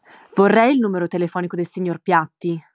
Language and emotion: Italian, angry